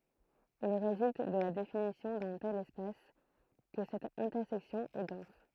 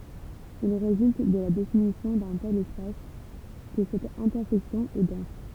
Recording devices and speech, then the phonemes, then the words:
throat microphone, temple vibration pickup, read sentence
il ʁezylt də la definisjɔ̃ dœ̃ tɛl ɛspas kə sɛt ɛ̃tɛʁsɛksjɔ̃ ɛ dɑ̃s
Il résulte de la définition d'un tel espace que cette intersection est dense.

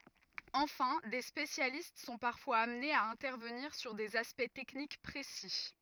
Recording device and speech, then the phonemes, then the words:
rigid in-ear microphone, read sentence
ɑ̃fɛ̃ de spesjalist sɔ̃ paʁfwaz amnez a ɛ̃tɛʁvəniʁ syʁ dez aspɛkt tɛknik pʁesi
Enfin, des spécialistes sont parfois amenés à intervenir sur des aspects techniques précis.

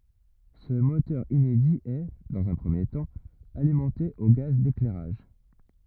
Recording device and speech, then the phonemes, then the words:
rigid in-ear microphone, read sentence
sə motœʁ inedi ɛ dɑ̃z œ̃ pʁəmje tɑ̃ alimɑ̃te o ɡaz deklɛʁaʒ
Ce moteur inédit est, dans un premier temps, alimenté au gaz d'éclairage.

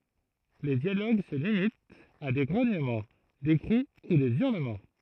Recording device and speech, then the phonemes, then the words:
throat microphone, read sentence
le djaloɡ sə limitt a de ɡʁoɲəmɑ̃ de kʁi u de yʁləmɑ̃
Les dialogues se limitent à des grognements, des cris ou des hurlements.

